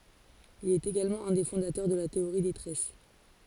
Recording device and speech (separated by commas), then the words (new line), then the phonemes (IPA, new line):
forehead accelerometer, read sentence
Il est également un des fondateurs de la théorie des tresses.
il ɛt eɡalmɑ̃ œ̃ de fɔ̃datœʁ də la teoʁi de tʁɛs